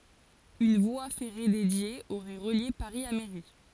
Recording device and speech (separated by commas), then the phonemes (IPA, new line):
forehead accelerometer, read sentence
yn vwa fɛʁe dedje oʁɛ ʁəlje paʁi a meʁi